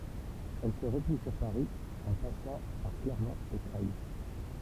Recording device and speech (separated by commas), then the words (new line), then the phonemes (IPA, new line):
temple vibration pickup, read sentence
Elle se replie sur Paris en passant par Clermont et Creil.
ɛl sə ʁəpli syʁ paʁi ɑ̃ pasɑ̃ paʁ klɛʁmɔ̃t e kʁɛj